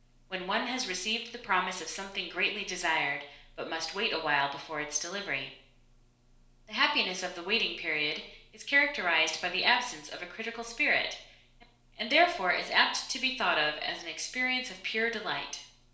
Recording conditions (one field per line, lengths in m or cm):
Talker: one person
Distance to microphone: 1.0 m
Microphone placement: close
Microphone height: 1.1 m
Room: small (3.7 m by 2.7 m)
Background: none